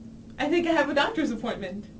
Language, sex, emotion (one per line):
English
female
happy